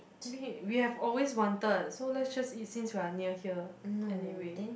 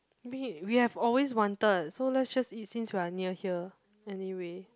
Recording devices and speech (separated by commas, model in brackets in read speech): boundary microphone, close-talking microphone, conversation in the same room